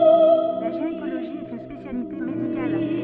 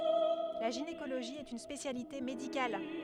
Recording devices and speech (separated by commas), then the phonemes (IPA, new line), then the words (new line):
soft in-ear microphone, headset microphone, read sentence
la ʒinekoloʒi ɛt yn spesjalite medikal
La gynécologie est une spécialité médicale.